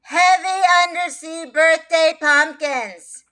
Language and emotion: English, sad